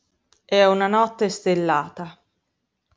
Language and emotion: Italian, neutral